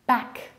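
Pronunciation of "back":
'Bag' is pronounced incorrectly here, with final devoicing: it ends in a k sound instead of a g, so it sounds like 'back'.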